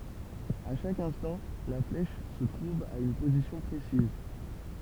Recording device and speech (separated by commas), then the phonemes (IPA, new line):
temple vibration pickup, read sentence
a ʃak ɛ̃stɑ̃ la flɛʃ sə tʁuv a yn pozisjɔ̃ pʁesiz